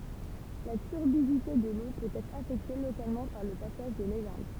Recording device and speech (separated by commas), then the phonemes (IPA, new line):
temple vibration pickup, read sentence
la tyʁbidite də lo pøt ɛtʁ afɛkte lokalmɑ̃ paʁ lə pasaʒ də lelɛ̃d